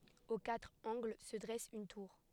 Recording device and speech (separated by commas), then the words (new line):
headset microphone, read sentence
Aux quatre angles se dresse une tour.